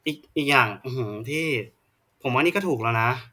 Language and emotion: Thai, frustrated